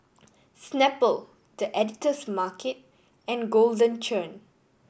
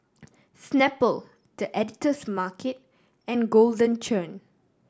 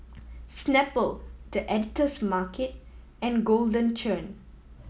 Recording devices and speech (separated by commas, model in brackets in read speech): boundary microphone (BM630), standing microphone (AKG C214), mobile phone (iPhone 7), read sentence